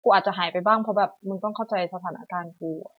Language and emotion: Thai, sad